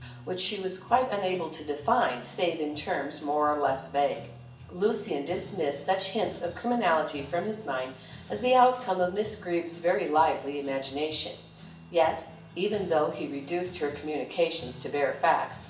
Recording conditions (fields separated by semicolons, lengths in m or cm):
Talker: one person; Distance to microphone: 1.8 m; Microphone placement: close; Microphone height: 1.0 m; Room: large; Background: music